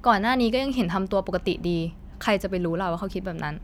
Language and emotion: Thai, neutral